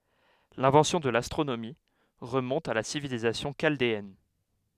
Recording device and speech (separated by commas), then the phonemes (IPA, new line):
headset microphone, read sentence
lɛ̃vɑ̃sjɔ̃ də lastʁonomi ʁəmɔ̃t a la sivilizasjɔ̃ ʃaldeɛn